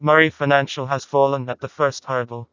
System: TTS, vocoder